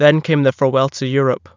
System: none